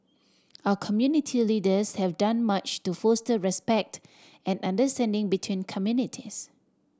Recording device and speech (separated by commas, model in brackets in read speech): standing microphone (AKG C214), read sentence